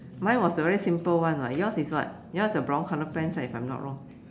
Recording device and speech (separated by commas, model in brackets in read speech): standing microphone, conversation in separate rooms